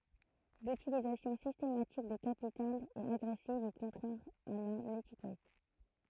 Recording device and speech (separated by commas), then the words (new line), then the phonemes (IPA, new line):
throat microphone, read sentence
L’utilisation systématique des capitales est agressive et contraire à la nétiquette.
lytilizasjɔ̃ sistematik de kapitalz ɛt aɡʁɛsiv e kɔ̃tʁɛʁ a la netikɛt